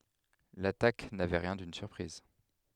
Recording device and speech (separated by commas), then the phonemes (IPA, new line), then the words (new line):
headset microphone, read sentence
latak navɛ ʁjɛ̃ dyn syʁpʁiz
L’attaque n’avait rien d’une surprise.